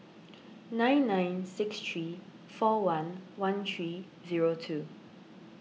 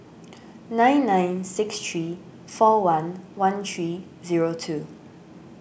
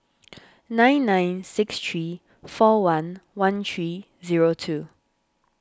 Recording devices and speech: mobile phone (iPhone 6), boundary microphone (BM630), standing microphone (AKG C214), read sentence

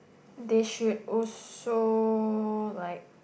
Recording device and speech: boundary microphone, conversation in the same room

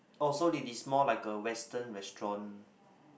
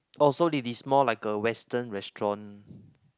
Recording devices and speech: boundary microphone, close-talking microphone, conversation in the same room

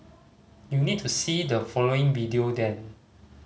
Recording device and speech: mobile phone (Samsung C5010), read sentence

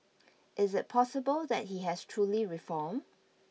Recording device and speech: mobile phone (iPhone 6), read sentence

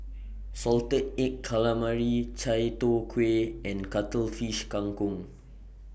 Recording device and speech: boundary microphone (BM630), read sentence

